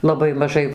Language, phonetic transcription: Lithuanian, laˈbai maˈžai

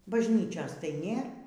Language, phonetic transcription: Lithuanian, bažˈnyčios tai ˈnėr

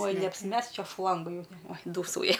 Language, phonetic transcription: Lithuanian, oj neapsiˈmesk ˈčia ˈšlanga ˈjau oj ˈdūsauja

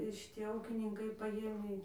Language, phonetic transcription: Lithuanian, šiˈtie ˈūkininkai paˈvieniai

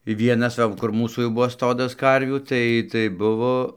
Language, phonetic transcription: Lithuanian, ˈvienas ˈsau kur ˈmūsų jau ˈbuvo ˈstodas ˈkarvių ˈtai tai ˈbuvo

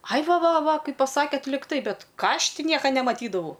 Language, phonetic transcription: Lithuanian, ai ˈva ˈva ˈvaˈkaip paˈsakėt ligˈtai ˈbet ˈką ˈaš ˈti ˈnieka nemaˈtydavau

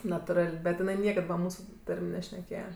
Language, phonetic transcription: Lithuanian, natuˈral' bet jiˈnai ˈniekad va ˈmūsu ˈtar'm' nešneˈkėja

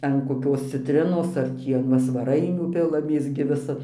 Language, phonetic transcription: Lithuanian, an koˈkios citˈrinos ar ˈtį an ˈva svaˈrainių ˈpilamės gi ˈvisa

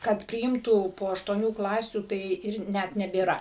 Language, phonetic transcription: Lithuanian, ˈkad priˈimtų po aštuoˈnių ˈklasių tai ˈir ˈnet nebėˈra

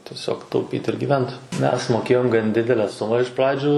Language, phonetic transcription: Lithuanian, tieˈsiog tauˈpyt ir giˈvent ˈmes ˈmokėjom gan ˈdidele ˈsuma iš ˈpradžiu

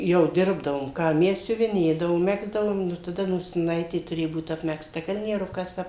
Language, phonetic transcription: Lithuanian, ˈjau ˈdirbdavom ˈką ˈmes siuviˈnėdavom ˈmegzdavom ˈnu taˈda nosiˈnaitė tuˈrėju ˈbūt apmegzˈta kalnieˈrukas ˈap

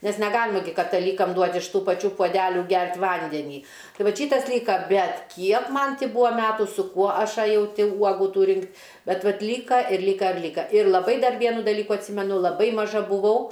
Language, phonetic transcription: Lithuanian, nes neˈgalima gi kataˈlykam ˈduot' iš ˈtų paˈčių puoˈdelių ˈgert' ˈvandenį ˈtai ˈvat ˈšytas ˈlyka ˈbet ˈkiek ˈman ˈti ˈbuvo ˈmetu su ˈkuo ˈaš aˈjau ˈti ˈuogu ˈtų ˈrinkt' ˈbet ˈvat ˈlyka ir ˈlyka ir ˈlyka ir laˈbai ˈdar ˈvienu daˈlyku atˈsymenu laˈbai maˈža buˈvau

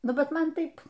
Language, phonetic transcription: Lithuanian, ˈnu ˈbet ˈman ˈtaip

